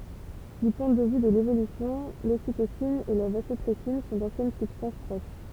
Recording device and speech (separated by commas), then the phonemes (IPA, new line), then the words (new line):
temple vibration pickup, read sentence
dy pwɛ̃ də vy də levolysjɔ̃ lositosin e la vazɔpʁɛsin sɔ̃ dɑ̃sjɛn sybstɑ̃s pʁoʃ
Du point de vue de l'évolution, l'ocytocine et la vasopressine sont d'anciennes substances proches.